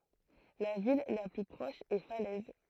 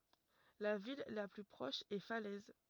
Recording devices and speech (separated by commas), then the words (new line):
throat microphone, rigid in-ear microphone, read sentence
La ville la plus proche est Falaise.